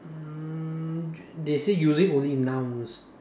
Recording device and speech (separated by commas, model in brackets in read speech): standing microphone, conversation in separate rooms